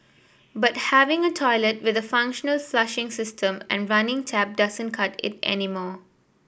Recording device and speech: boundary microphone (BM630), read sentence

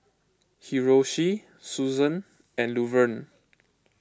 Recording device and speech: close-talking microphone (WH20), read sentence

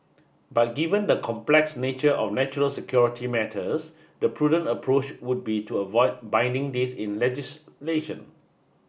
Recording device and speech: boundary microphone (BM630), read sentence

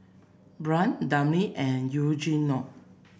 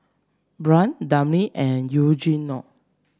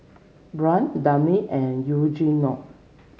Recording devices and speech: boundary microphone (BM630), standing microphone (AKG C214), mobile phone (Samsung C7), read sentence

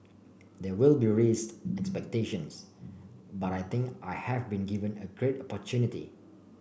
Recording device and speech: boundary microphone (BM630), read sentence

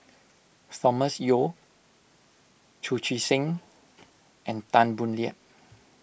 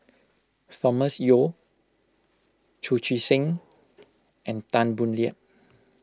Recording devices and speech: boundary microphone (BM630), close-talking microphone (WH20), read sentence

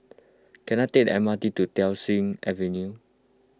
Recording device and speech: close-talking microphone (WH20), read sentence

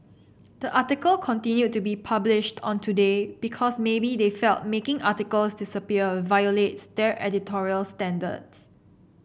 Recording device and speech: boundary microphone (BM630), read sentence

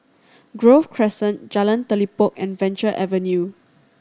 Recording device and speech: standing microphone (AKG C214), read sentence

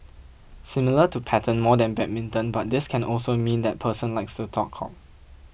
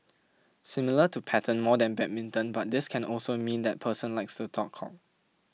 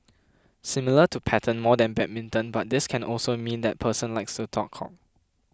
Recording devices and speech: boundary microphone (BM630), mobile phone (iPhone 6), close-talking microphone (WH20), read sentence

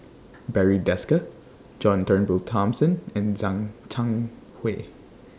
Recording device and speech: standing microphone (AKG C214), read sentence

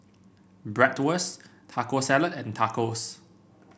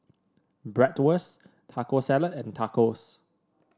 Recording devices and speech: boundary microphone (BM630), standing microphone (AKG C214), read sentence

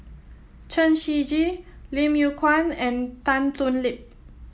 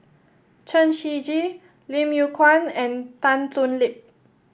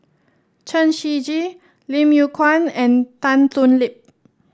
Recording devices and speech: mobile phone (iPhone 7), boundary microphone (BM630), standing microphone (AKG C214), read sentence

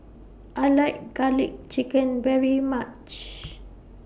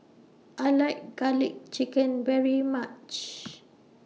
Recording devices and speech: boundary microphone (BM630), mobile phone (iPhone 6), read sentence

